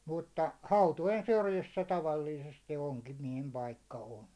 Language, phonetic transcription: Finnish, mutta , 'hautojen syrjissä 'tavalliisesti 'oŋkimiɛhem 'paikka 'on .
- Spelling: mutta hautojen syrjissä tavallisesti onkimiehen paikka on

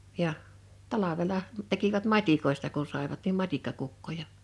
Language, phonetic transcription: Finnish, 'ja , 'talavela , tekivät "mat́ikoista ku sàivat nim "mat́ikkakukkoja .
- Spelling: ja talvella tekivät matikoista kun saivat niin matikkakukkoja

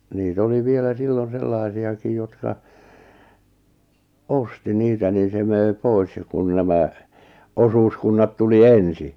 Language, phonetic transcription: Finnish, nii't ‿oli 'vielä 'sillon̬ 'sellàⁱsi₍akij jotka , "osti 'niitä nin̬ se mö̀i̬ 'pois ja kun nämä , 'osuuskunnat tuli "ensi .
- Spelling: niitä oli vielä silloin sellaisiakin jotka osti niitä niin se möi pois ja kun nämä osuuskunnat tuli ensin

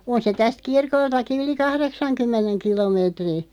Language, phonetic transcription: Finnish, 'on se 'täst "kirkoltaki 'yli "kahreksaŋ'kymmeneŋ 'kilomeetri .
- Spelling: on se tästä kirkoltakin yli kahdeksankymmenen kilometrin

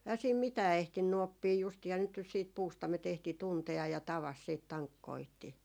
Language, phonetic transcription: Finnish, ähä siim "mitää 'ehtinny oppii (justihan nyt jo) siit puustamet ‿ehti 'tunte₍aj ja 'tavas siit 'taŋkkoihti .
- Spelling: eihän siinä mitään ehtinyt oppia justiinhan nyt jo sitten puustaimet ehti tuntea ja tavasi sitten tankkoitsi

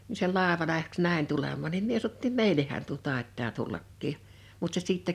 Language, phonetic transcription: Finnish, ni se 'làeva 'läks "nä̀ḙn tulemmaan nim mie sa(no)ttiim » "meileh̆hän tuo 'tàet̆taa 'tullakkii « , mut se 'sìttä .
- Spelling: niin se laiva lähti näin tulemaan niin minä sanottiin meillehän tuo taitaa tullakin mutta se sitten

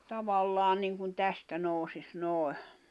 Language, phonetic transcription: Finnish, 'tavallaa niŋkun 'tästä nòusis 'nòi̬ .
- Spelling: tavallaan niin kuin tästä nousisi noin

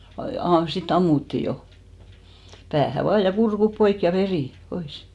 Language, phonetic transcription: Finnish, 'aᵐ- , 'si"t ‿ammutti 'jo , 'päähä 'vaa ja 'kurkup 'poik ja "verì , 'pois .
- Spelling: - sitä ammuttiin jo päähän vaan ja kurkut poikki ja veri pois

